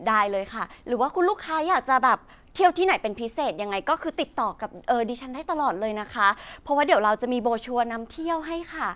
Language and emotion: Thai, happy